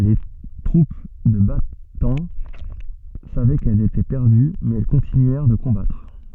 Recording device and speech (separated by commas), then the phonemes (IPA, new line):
soft in-ear microphone, read sentence
le tʁup də bataɑ̃ savɛ kɛlz etɛ pɛʁdy mɛz ɛl kɔ̃tinyɛʁ də kɔ̃batʁ